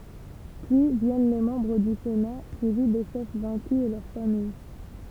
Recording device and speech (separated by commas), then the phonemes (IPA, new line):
temple vibration pickup, read sentence
pyi vjɛn le mɑ̃bʁ dy sena syivi de ʃɛf vɛ̃ky e lœʁ famij